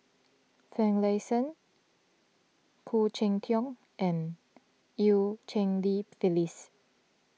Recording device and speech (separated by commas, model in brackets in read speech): mobile phone (iPhone 6), read sentence